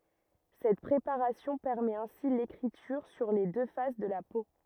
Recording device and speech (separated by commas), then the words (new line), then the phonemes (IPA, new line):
rigid in-ear microphone, read sentence
Cette préparation permet ainsi l'écriture sur les deux faces de la peau.
sɛt pʁepaʁasjɔ̃ pɛʁmɛt ɛ̃si lekʁityʁ syʁ le dø fas də la po